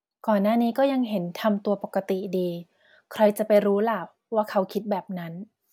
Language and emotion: Thai, neutral